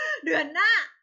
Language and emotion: Thai, happy